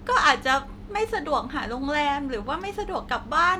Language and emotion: Thai, frustrated